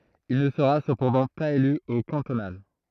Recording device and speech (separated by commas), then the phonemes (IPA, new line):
throat microphone, read sentence
il nə səʁa səpɑ̃dɑ̃ paz ely o kɑ̃tonal